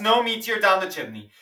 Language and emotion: English, disgusted